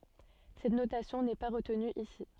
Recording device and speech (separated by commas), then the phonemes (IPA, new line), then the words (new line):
soft in-ear microphone, read sentence
sɛt notasjɔ̃ nɛ pa ʁətny isi
Cette notation n'est pas retenue ici.